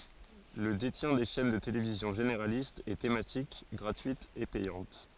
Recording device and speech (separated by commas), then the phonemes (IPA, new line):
forehead accelerometer, read sentence
lə detjɛ̃ de ʃɛn də televizjɔ̃ ʒeneʁalistz e tematik ɡʁatyitz e pɛjɑ̃t